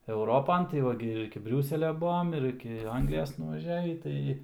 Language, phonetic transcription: Lithuanian, euˈropan tai ˈva gi ir iki ˈbriūselia ˈbuom ir ˈiki ˈanglijos nuvaˈžiavį ˈtai

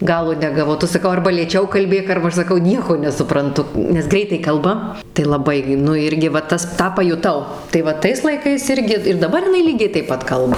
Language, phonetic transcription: Lithuanian, ˈgalo negaˈvau ˈtu saˈkau ˈarba lėˈčiau kalˈbėk arba ˈaš saˈkau ˈnieko nesupranˈtu nes ˈgreitai ˈkalba tai laˈbai gi ˈnu ˈirgi va ˈtas ˈtą pajuˈtau tai ˈva ˈtais laiˈkais ˈirgi ir daˈbar jiˈnai ˈlygiai taip ˈpat ˈkalba

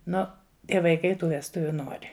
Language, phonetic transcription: Lithuanian, ˈnu ˈtie vaiˈkai ˈtų vesˈtuvių ˈnori

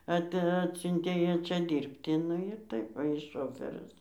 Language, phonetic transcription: Lithuanian, ˈat ˈatsiuntė ˈją ˈčia ˈdyrbti ˈnu ir ˈtaip va ˈjis ˈšofɜris

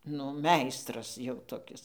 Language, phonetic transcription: Lithuanian, nu ˈmeistras jau toˈkis

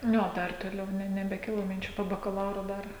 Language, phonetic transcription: Lithuanian, ˈniu o ˈdar toˈliau ne nebeˈkilo minˈčių po bakaˈlauro ˈdar

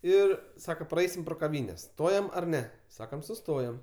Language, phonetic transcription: Lithuanian, ˈir ˈsaka praˈeisim pro kaˈvynes ˈstojam ar ˈne ˈsakam suˈstojam

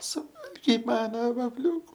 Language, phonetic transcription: Lithuanian, suˈvalgei ˈmana vafˈliūku

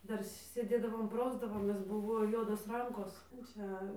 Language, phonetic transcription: Lithuanian, ˈdar sėˈdėdavom ˈprausdavomės ˈbuvo ˈjuodos ˈrankos ˈčia

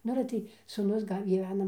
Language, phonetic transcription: Lithuanian, ˈnu ale ˈtai sūˈnus ˈgal' gyˈvena

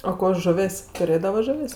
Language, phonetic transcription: Lithuanian, o ˈko ˈžuvės' tuˈrėdava ˈžuvės'

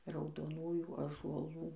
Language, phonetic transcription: Lithuanian, raudoˈnųjų ąžuoˈlų

